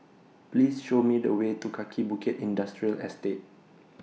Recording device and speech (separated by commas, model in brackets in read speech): mobile phone (iPhone 6), read sentence